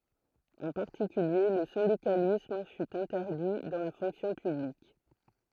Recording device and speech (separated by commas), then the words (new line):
throat microphone, read sentence
En particulier, le syndicalisme fut interdit dans la fonction publique.